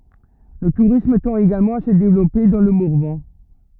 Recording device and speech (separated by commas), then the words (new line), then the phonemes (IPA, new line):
rigid in-ear microphone, read sentence
Le tourisme tend également à se développer dans le Morvan.
lə tuʁism tɑ̃t eɡalmɑ̃ a sə devlɔpe dɑ̃ lə mɔʁvɑ̃